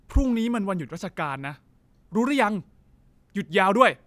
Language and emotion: Thai, angry